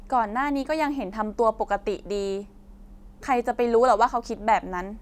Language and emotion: Thai, neutral